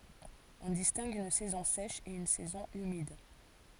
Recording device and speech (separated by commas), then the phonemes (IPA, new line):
forehead accelerometer, read sentence
ɔ̃ distɛ̃ɡ yn sɛzɔ̃ sɛʃ e yn sɛzɔ̃ ymid